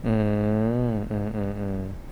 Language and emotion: Thai, neutral